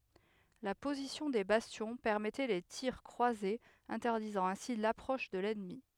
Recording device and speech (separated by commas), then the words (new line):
headset microphone, read sentence
La position des bastions permettait les tirs croisés interdisant ainsi l’approche de l’ennemi.